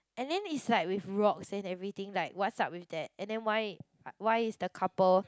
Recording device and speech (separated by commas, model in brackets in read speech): close-talking microphone, conversation in the same room